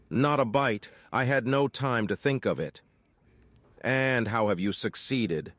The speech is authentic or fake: fake